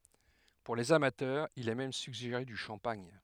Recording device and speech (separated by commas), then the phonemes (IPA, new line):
headset microphone, read sentence
puʁ lez amatœʁz il ɛ mɛm syɡʒeʁe dy ʃɑ̃paɲ